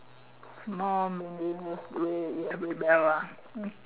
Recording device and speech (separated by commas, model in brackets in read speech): telephone, conversation in separate rooms